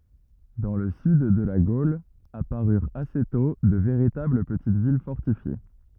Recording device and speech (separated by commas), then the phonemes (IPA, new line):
rigid in-ear microphone, read sentence
dɑ̃ lə syd də la ɡol apaʁyʁt ase tɔ̃ də veʁitabl pətit vil fɔʁtifje